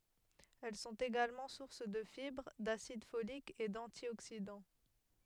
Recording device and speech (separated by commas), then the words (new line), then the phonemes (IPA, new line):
headset microphone, read sentence
Elles sont également sources de fibres, d'acide folique et d'antioxydants.
ɛl sɔ̃t eɡalmɑ̃ suʁs də fibʁ dasid folik e dɑ̃tjoksidɑ̃